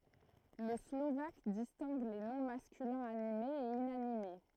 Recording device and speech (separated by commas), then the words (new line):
throat microphone, read sentence
Le slovaque distingue les noms masculins animés et inanimés.